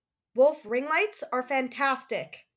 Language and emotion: English, angry